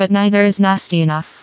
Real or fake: fake